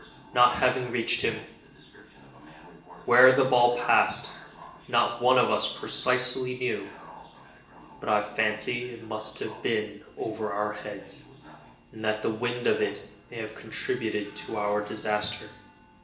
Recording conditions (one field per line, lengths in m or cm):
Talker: one person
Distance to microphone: 1.8 m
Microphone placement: close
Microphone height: 1.0 m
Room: large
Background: television